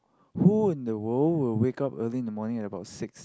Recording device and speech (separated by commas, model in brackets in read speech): close-talking microphone, conversation in the same room